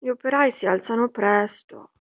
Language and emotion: Italian, sad